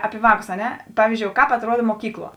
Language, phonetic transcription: Lithuanian, ˈapi ˈvāˌkus a ˈne ˈpavyzdžiou ˈkāp atˈruoda moˈkykˌluo

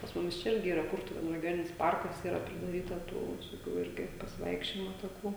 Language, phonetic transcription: Lithuanian, pas ˈmumis čia ˈirgi ˈyra ˈkurtuvėnu regioˈninis ˈparkas ˈyra pridaˈryta ˈtų visoˈkių ˈirgi pasiˈvaikščiojimo taˈkų

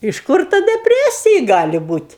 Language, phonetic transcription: Lithuanian, iš ˈkur ˈta deˈpresiji ˈgali ˈbūt'

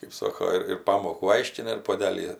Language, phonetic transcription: Lithuanian, kɜp ˈsoko ir ir ˈpamokų ˈaiškina ir puoˈdelį

